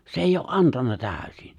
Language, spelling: Finnish, se ei ole antanut täysin
- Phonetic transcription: 'se eijj ‿oo’ "’antanna 'tääᵒ̈sin .

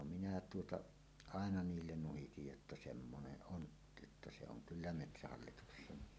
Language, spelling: Finnish, no minä tuota aina niille nuhitin jotta semmoinen on jotta se on kyllä metsähallituksen
- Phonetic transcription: no minä tuota , "àena 'niillen nuhitij jotta » 'semmoneˀ "ˀon , jotta se oŋ "kyllä "metsähallituksen « .

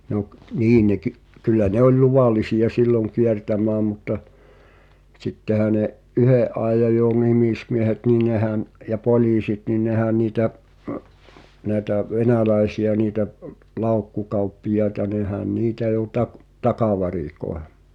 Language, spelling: Finnish, no - niin ne - kyllä ne oli luvallisia silloin kiertämään mutta sittenhän ne yhden ajan jo nimismiehet niin nehän ja poliisit niin nehän niitä näitä venäläisiä niitä laukkukauppiaita nehän niitä jo - takavarikoi
- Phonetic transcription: no k- , "niin ne ky- , 'kyllä 'ne ‿oĺ "luvàlisi₍a "silloŋ 'kiertäm̀ää mutta , 'sittehä ne’ , "’yhe’̀ ’aejaj jo 'nimìsmiehet nin 'nehän , ja "pol̳iisit nin "nehän̆ niitä , näetä , 'venäläesi₍ä niitä , 'lau̬kku'kauppijaeta 'nehän "niitä jo tak- , "takavarikoe .

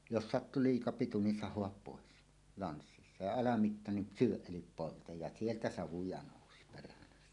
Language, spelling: Finnish, jos sattui liika pitu niin sahaa pois lanssissa ja alamitta niin syö eli polta ja sieltä savuja nousi perhanasti
- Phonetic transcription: jos "sattu 'liika 'pitu nin "sah̀oap 'pòes , 'lanssissa , ja 'alamitta nin "syöˀ "ˀelip 'poltaj ja "sieltä 'savuja nòusi perhanastᴀ .

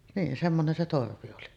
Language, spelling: Finnish, niin semmoinen se torvi oli
- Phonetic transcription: niin 'semmonen se 'torvi oli .

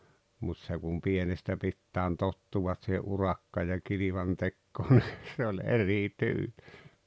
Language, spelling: Finnish, mutta se kun pienestä pitäen tottuvat siihen - ja kilvantekoon niin se oli eri tyyli
- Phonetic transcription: mut se kum 'pienestä 'pittääᵉn "tottuwat sihe’ '’urakka- ja 'kilivantekkoon ni , se oĺ "erì "tyyĺ .

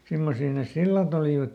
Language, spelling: Finnish, semmoisia ne sillat olivat
- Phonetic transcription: ˈsimmosii nes "sillat ‿olìvat .

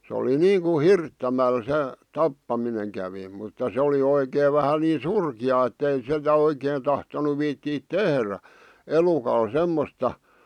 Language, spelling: Finnish, se oli niin kuin hirttämällä se tappaminen kävi mutta se oli oikein vähän niin surkeaa että ei sitä oikein tahtonut viitsiä tehdä elukalle semmoista
- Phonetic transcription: sᵉ oli 'niiŋku "hirttämäl 'se , "tappamineŋ kävi , mutta se oli 'oikeev vähä 'nii "surki₍aa ettei se̳tä 'oikeen tahtonu 'viittiit "tehrä , 'elukal 'semmosta ,.

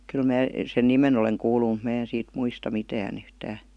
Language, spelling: Finnish, kyllä minä sen nimen olen kuullut mutta minä en siitä muista mitään yhtään
- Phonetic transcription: 'kyl mää , sen "nimen ‿oleŋ kuulu mut 'mää en siit "muista 'mitään ‿yhtää .

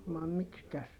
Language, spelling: Finnish, vai miksikäs
- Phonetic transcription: vai mikskäs , .

